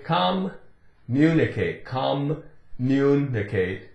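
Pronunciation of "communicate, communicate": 'Communicate' is pronounced incorrectly here: the double m is sounded as two separate m's with a break, instead of running together as one.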